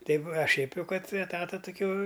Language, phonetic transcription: Lithuanian, ˈtaip a šiaip ˈjau ˈkad eˈtata tuˈkio

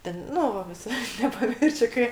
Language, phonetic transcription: Lithuanian, ˈten ˈnu va viˈsai nepaˈmiršiu ˈkai

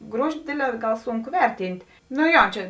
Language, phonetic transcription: Lithuanian, ˈgruoži ˈdėdˌlē ˈgal ˈsunˌku ˈverˌtynt' nu ˈjo ˈčia

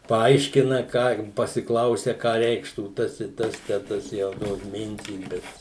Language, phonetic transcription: Lithuanian, paˈaiškina ką pasiˈklausia ˈką ˈreikštų ˈtas i ˈtas tę ˈtas ˈjau ˈtos ˈmintys ˈbet

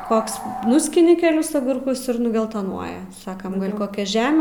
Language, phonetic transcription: Lithuanian, ˈkoks ˈnuskini keˈlis agurˈkus ir nugelˈtonuoja ˈsakam ˈgal koˈkia ˈžeme

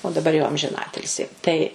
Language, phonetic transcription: Lithuanian, o daˈbar jau amžiˈnatilsi tai

